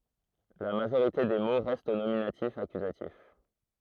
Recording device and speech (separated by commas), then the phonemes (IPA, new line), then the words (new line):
throat microphone, read sentence
la maʒoʁite de mo ʁɛstt o nominatifakyzatif
La majorité des mots restent au nominatif-accusatif.